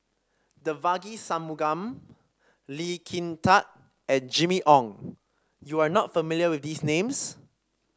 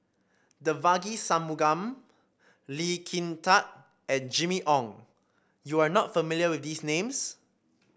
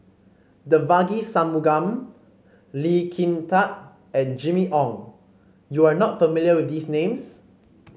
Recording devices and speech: standing microphone (AKG C214), boundary microphone (BM630), mobile phone (Samsung C5), read sentence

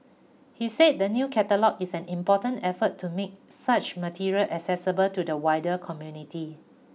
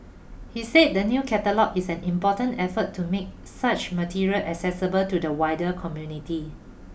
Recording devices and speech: mobile phone (iPhone 6), boundary microphone (BM630), read sentence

